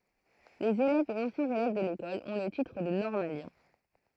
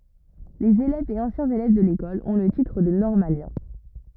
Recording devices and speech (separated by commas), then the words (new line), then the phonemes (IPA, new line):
throat microphone, rigid in-ear microphone, read sentence
Les élèves et anciens élèves de l'École ont le titre de normalien.
lez elɛvz e ɑ̃sjɛ̃z elɛv də lekɔl ɔ̃ lə titʁ də nɔʁmaljɛ̃